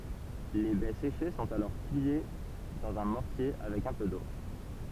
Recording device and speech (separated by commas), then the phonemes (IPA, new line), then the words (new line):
temple vibration pickup, read sentence
le bɛ seʃe sɔ̃t alɔʁ pile dɑ̃z œ̃ mɔʁtje avɛk œ̃ pø do
Les baies séchées sont alors pilées dans un mortier avec un peu d’eau.